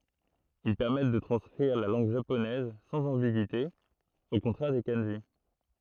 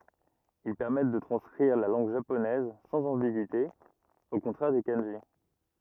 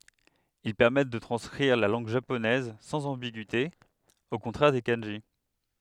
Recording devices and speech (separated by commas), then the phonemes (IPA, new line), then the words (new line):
throat microphone, rigid in-ear microphone, headset microphone, read sentence
il pɛʁmɛt də tʁɑ̃skʁiʁ la lɑ̃ɡ ʒaponɛz sɑ̃z ɑ̃biɡyite o kɔ̃tʁɛʁ de kɑ̃ʒi
Ils permettent de transcrire la langue japonaise sans ambigüité, au contraire des kanjis.